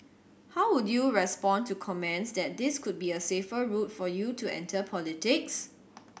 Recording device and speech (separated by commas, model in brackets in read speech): boundary microphone (BM630), read sentence